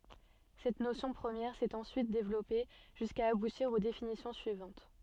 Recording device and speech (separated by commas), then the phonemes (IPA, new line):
soft in-ear microphone, read sentence
sɛt nosjɔ̃ pʁəmjɛʁ sɛt ɑ̃syit devlɔpe ʒyska abutiʁ o definisjɔ̃ syivɑ̃t